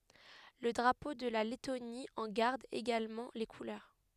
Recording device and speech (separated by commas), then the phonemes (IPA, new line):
headset microphone, read sentence
lə dʁapo də la lɛtoni ɑ̃ ɡaʁd eɡalmɑ̃ le kulœʁ